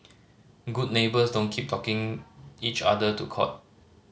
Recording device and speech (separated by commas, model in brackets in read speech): mobile phone (Samsung C5010), read sentence